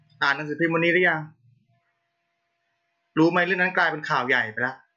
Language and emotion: Thai, frustrated